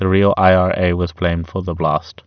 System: none